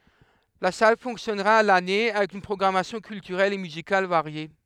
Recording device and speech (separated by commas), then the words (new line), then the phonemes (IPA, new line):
headset microphone, read sentence
La salle fonctionnera à l'année, avec une programmation culturelle et musicale variée.
la sal fɔ̃ksjɔnʁa a lane avɛk yn pʁɔɡʁamasjɔ̃ kyltyʁɛl e myzikal vaʁje